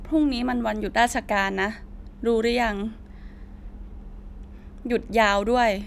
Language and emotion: Thai, frustrated